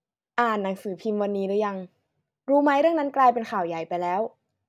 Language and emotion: Thai, neutral